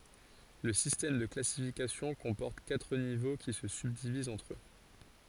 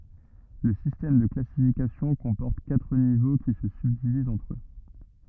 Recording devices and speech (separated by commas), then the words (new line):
forehead accelerometer, rigid in-ear microphone, read sentence
Le système de classification comporte quatre niveaux qui se subdivisent entre eux.